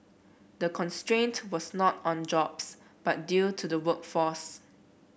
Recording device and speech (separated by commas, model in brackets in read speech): boundary microphone (BM630), read sentence